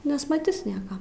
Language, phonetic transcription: Lithuanian, nesmaˈtis ˈnieka

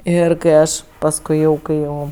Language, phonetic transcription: Lithuanian, ˈir kai ˈaš pasˈkui jau kai ˈjau

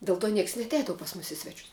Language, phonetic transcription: Lithuanian, del to ˈnieks i neatˈeidavu pas mus i ˈsvečius

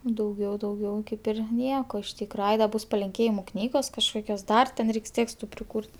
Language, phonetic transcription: Lithuanian, dauˈgiau dauˈgiau ˈkaip ir ˈnieko iš ˈtykra ˈai da ˈbus palinˈkėjimu ˈknygos kažˈkokios ˈdar ten ˈreiks ˈtėkstu priˈkūr't'

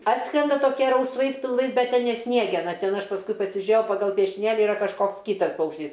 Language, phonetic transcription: Lithuanian, ˈatskrenda toˈkie rausˈvais pilˈvais ˈbet ˈten ne ˈsniegena ˈten ˈaš pasˈkui pasiˈžiuėjau pagal piešiˈnėli iˈra kažˈkoks ˈkytas paukšˈtys

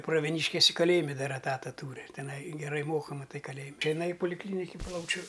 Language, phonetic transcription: Lithuanian, pravieˈnyškisi kaˈlėjime ˈdar eˈtata ˈtūri tiˈnai geˈrai ˈmoka maˈtai kaˈlėjim' tai jiˈnai i polikˈlyniki ˈplaučiu

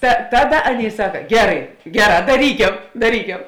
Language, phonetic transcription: Lithuanian, ta ˈtaˌda ˈaˌnėi ˈsaka ˈgerai ˈgeˌrā daˈrykem daˈryke

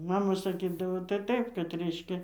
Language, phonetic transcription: Lithuanian, ˈmama saˈkydavo tai ˈtaip kad ˈreiškia

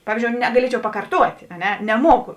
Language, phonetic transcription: Lithuanian, ˈpavyzdžiou negaˈliečiau pakarˈtuotė a ˈne neˈmuoku

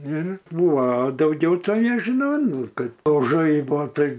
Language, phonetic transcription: Lithuanian, ˈir ˈbūvo a dauˈgiau ˈtai nežiˈnau ˈnu ˈkad o ˈžaibo ˈtai

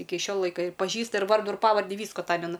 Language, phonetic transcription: Lithuanian, ˈiki ˈšio ˈlaika ir paˈžįsta ir ˈvardu ir ˈpavardi ˈvysku aˈtamena

